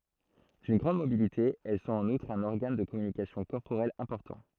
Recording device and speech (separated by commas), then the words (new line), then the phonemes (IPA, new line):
throat microphone, read sentence
D’une grande mobilité, elles sont en outre un organe de communication corporelle important.
dyn ɡʁɑ̃d mobilite ɛl sɔ̃t ɑ̃n utʁ œ̃n ɔʁɡan də kɔmynikasjɔ̃ kɔʁpoʁɛl ɛ̃pɔʁtɑ̃